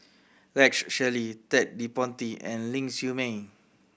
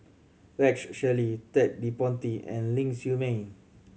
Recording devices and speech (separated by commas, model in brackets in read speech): boundary microphone (BM630), mobile phone (Samsung C7100), read sentence